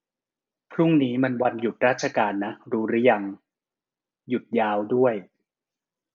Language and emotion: Thai, neutral